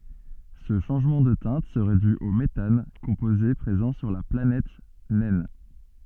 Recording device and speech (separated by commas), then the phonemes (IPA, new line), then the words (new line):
soft in-ear microphone, read sentence
sə ʃɑ̃ʒmɑ̃ də tɛ̃t səʁɛ dy o metan kɔ̃poze pʁezɑ̃ syʁ la planɛt nɛn
Ce changement de teinte serait dû au méthane, composé présent sur la planète naine.